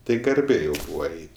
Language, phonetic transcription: Lithuanian, ˈtai garˈbė jau ˈbūva ˈait'

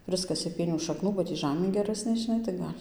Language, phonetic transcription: Lithuanian, ˈprɨskasė ˈpienių šakˈnų ba ˈtį ˈžamė geˈrasnė žiˈnai tai ˈgal'

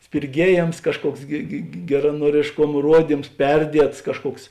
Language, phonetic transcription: Lithuanian, spirˈgiejėms ˈkažˌkuoks gi ge geranuorėšˈkom ˈruodyms ˈperdiets ˈkažˌkuoks

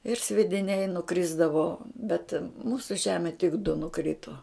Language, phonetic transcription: Lithuanian, ir sviediˈniai nuˈkrisdavo bet ˈmūsu ˈžeme tik du nuˈkrito

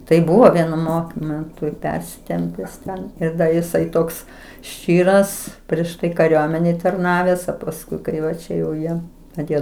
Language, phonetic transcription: Lithuanian, tai ˈbuvo ˈvienu ˈmokmentu i ˈpersitempes ˈten ir ˈda jiˈsai ˈtoks ˈščyras prieš ˈtai kaˈriuomenėj tarˈnaves o pasˈkui ˈkai va ˈčia jau ˈjie aˈtėjo

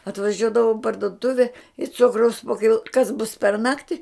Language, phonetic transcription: Lithuanian, atvaˈžiuodavau i parduˈtuve i ˈcukraus po kiˈlo kas bus per ˈnakti

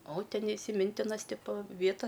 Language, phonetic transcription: Lithuanian, o ˈten isiˈmintinas ˈtipo ˈvieta

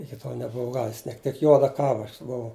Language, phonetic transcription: Lithuanian, iki ˈtol nebuˈvau ˈgavis ˈniek tik ˈjuoda ˈkava ˈaš buˈvau

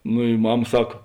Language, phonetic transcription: Lithuanian, nu i ˈmam ˈsak

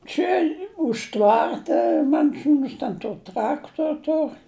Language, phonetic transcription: Lithuanian, ˈčia už ˈtvarta ˈman ˈsūns ten ˈtor ˈtraktor ˈtor

